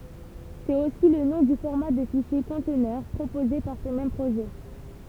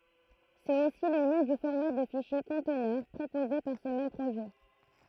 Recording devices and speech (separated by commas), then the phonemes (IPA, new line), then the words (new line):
temple vibration pickup, throat microphone, read sentence
sɛt osi lə nɔ̃ dy fɔʁma də fiʃje kɔ̃tnœʁ pʁopoze paʁ sə mɛm pʁoʒɛ
C’est aussi le nom du format de fichier conteneur proposé par ce même projet.